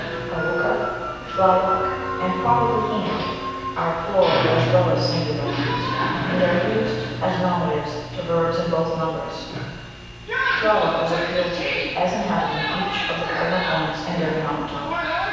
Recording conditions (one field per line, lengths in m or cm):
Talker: one person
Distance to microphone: 7.1 m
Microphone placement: far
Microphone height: 1.7 m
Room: very reverberant, large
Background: television